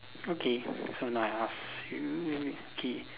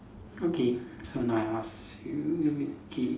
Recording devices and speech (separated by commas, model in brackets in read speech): telephone, standing microphone, conversation in separate rooms